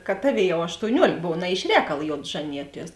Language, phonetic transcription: Lithuanian, kad ˈtaˌvėi ˈjau aštouˈniuolėk ˈbov na iš ˈrēkal ˈjod ˈžanijuoˌties

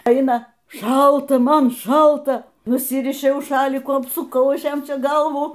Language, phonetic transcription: Lithuanian, ˈeina ˈšalta ˈman ˈšalta nuˈsirišiau ˈšalikų apsuˈkau ˈaš ˈjam ˈčia ˈgalvų

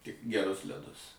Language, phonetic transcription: Lithuanian, tik geˈrus leˈdus

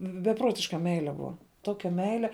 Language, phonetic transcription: Lithuanian, beˈpruotiška ˈmeile ˈbua ˈtokia ˈmeile

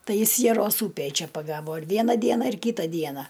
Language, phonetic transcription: Lithuanian, ˈtai ˈjis jaˈros ˈūpėj ˈčia paˈgavo ir ˈviena ˈdiena ir ˈkyta ˈdiena

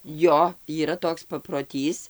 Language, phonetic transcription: Lithuanian, ˈjo yˈra ˈtoks paproˈtys

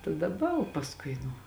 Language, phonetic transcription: Lithuanian, ta daˈba o pasˈkui nu

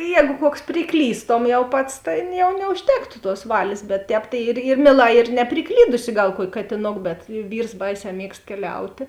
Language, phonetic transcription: Lithuanian, ˈjēgu ˈkuoks priˈklystom jau ˈpats ˈtėn jau neužˈtektu tuos ˈvalės bet ˈtēp tai ir ir ˈmieˌlā ir nepriˈklydusi ˈgal ˈkuoki katiˈnok bet ˈvyrs ˈbaiˌsē ˈmiegst keˈliautė

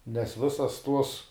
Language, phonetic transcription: Lithuanian, nes ˈvisas tuos

